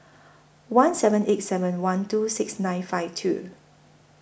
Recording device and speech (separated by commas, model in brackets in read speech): boundary microphone (BM630), read sentence